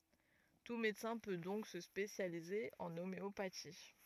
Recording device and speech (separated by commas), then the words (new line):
rigid in-ear microphone, read sentence
Tout médecin peut donc se spécialiser en homéopathie.